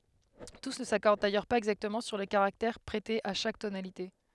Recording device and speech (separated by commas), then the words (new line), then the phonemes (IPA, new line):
headset microphone, read sentence
Tous ne s'accordent d’ailleurs pas exactement sur le caractère prêté à chaque tonalité.
tus nə sakɔʁd dajœʁ paz ɛɡzaktəmɑ̃ syʁ lə kaʁaktɛʁ pʁɛte a ʃak tonalite